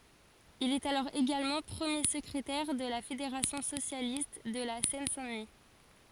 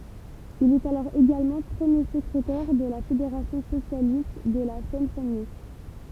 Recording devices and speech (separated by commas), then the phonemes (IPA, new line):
forehead accelerometer, temple vibration pickup, read sentence
il ɛt alɔʁ eɡalmɑ̃ pʁəmje səkʁetɛʁ də la fedeʁasjɔ̃ sosjalist də la sɛn sɛ̃ dəni